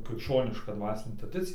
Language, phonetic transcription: Lithuanian, krikšˈčioniška ˈdvasinė traˈdicija

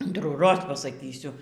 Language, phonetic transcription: Lithuanian, antrųˈroz pasaˈkysiu

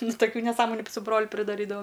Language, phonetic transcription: Lithuanian, nu taˈkių neˈsąmoniu su ˈbroliu pridaˈrydava

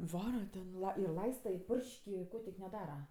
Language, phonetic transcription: Lithuanian, ˈvara ten ir ˈlaista i ˈpurš'k' i ˈko tik neˈdara

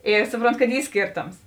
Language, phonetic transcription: Lithuanian, ˈi ˈsupronˌtu kad ˈy ˈskėrˌtoms

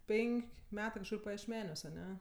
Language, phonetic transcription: Lithuanian, ˈpen'k' ˈmetɜ kažˈkur pajiešˈmeniuos aˈne

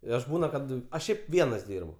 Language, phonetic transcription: Lithuanian, i ˈaš ˈbūna ˈkad aš ˈšiaip ˈvienas ˈdyrbu

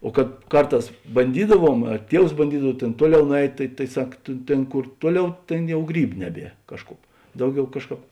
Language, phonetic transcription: Lithuanian, o kad ˈkarˌtās banˈdydaˌvuom a ˈtievs banˈdydav ˈtėn ˈtuoˌliau nuˈeit' tai tai ˈsak tė ˈtėn ˈkur ˈtuoˌliau ˈtėn ˈjau ˈgrybu ˈneˌbie ˈkažˌkup ˈdauˌgiau ˈkažˌkāp

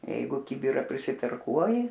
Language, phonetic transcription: Lithuanian, ˈjeigu ˈkibirą prisitarˈkuoji

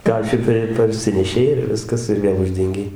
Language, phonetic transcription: Lithuanian, ˈkašiką ir parˈsinešei ir ˈviskas ir ˈvėl ˈuždengei

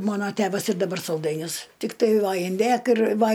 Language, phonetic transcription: Lithuanian, ˈmano ˈtevas ir daˈbar salˈdainius ˈtiktai ˈva inˈdėk ir ˈva

